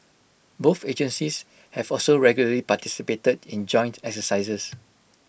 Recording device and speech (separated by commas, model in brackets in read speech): boundary microphone (BM630), read sentence